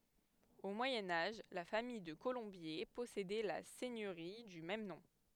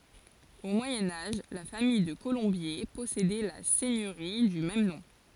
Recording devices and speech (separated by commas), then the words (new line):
headset microphone, forehead accelerometer, read sentence
Au Moyen Âge, la famille de Colombier possédait la seigneurie du même nom.